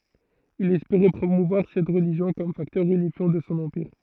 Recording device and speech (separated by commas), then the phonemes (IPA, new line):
throat microphone, read sentence
il ɛspeʁɛ pʁomuvwaʁ sɛt ʁəliʒjɔ̃ kɔm faktœʁ ynifjɑ̃ də sɔ̃ ɑ̃piʁ